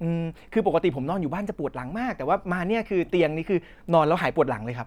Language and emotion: Thai, happy